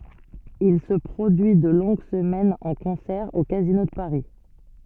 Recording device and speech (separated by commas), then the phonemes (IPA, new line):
soft in-ear microphone, read sentence
il sə pʁodyi də lɔ̃ɡ səmɛnz ɑ̃ kɔ̃sɛʁ o kazino də paʁi